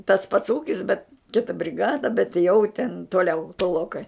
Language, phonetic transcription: Lithuanian, tas pats ˈūkis bet ˈkita briˈgada bet jau ten toˈliau toˈlokai

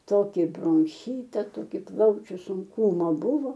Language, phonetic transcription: Lithuanian, ˈtoki bronˈchyta ˈtoki ˈplaučiu sunˈkūma ˈbuvo

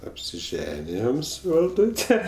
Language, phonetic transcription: Lithuanian, apsiˈženijom su valˈdūte

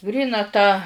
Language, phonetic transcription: Lithuanian, ˈgryna tą

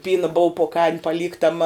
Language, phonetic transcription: Lithuanian, ˈpyna bou po kaim paˈlyktama

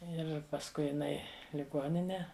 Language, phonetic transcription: Lithuanian, ˈir pasˈkui jiˈnai liˈgonine

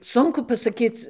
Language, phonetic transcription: Lithuanian, ˈsunku pasaˈkyc

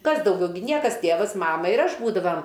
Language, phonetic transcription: Lithuanian, ˈkas dauˈgiau gi ˈniekas ˈtėvas ˈmama ir ˈaš ˈbūdavam

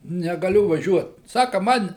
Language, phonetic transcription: Lithuanian, negaˈliu vaˈžiuot ˈsaka ˈman

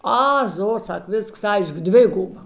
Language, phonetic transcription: Lithuanian, ˈa ˈzo ˈsak ˈvisks ˈaišk ˈdviguba

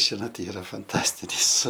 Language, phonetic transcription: Lithuanian, ˈžinot ˈyra fanˈtastinis

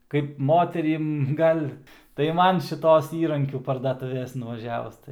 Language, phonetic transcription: Lithuanian, kaip ˈmoterim ˈgal' tai ˈman šiˈtos ˈįrankių pardaˈtūvės nuvaˈžiavus

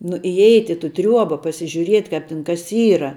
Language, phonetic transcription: Lithuanian, nu iˈeit' i tu ˈtriuoba pasižiuˈriet' ˈkāp tin kas ˈyra

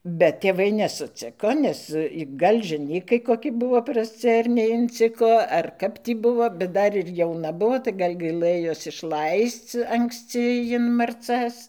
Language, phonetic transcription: Lithuanian, bet tėˈvai nesuˈciko ˈnes ˈgal' žeˈnykai koˈki ˈbuvo prasˈci ar neinˈciko ar kap ˈtį ˈbuvo bet ˈdar ir jauˈna ˈbuvo tai ˈgal' ˈgailɘjos išˈlaisc anksˈci jin marˈcas

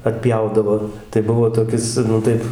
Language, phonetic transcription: Lithuanian, atˈpjaudavo tai ˈbuvo toˈkis nu ˈtaip

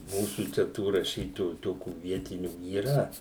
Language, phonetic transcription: Lithuanian, ˈmūsų čia ˈtų raˈšytojų ˈtokių ˈvietinių yˈra

